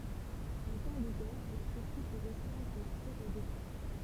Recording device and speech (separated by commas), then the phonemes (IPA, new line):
temple vibration pickup, read sentence
ɑ̃ tɑ̃ də ɡɛʁ la tyʁki pø ʁɛstʁɛ̃dʁ laksɛ o detʁwa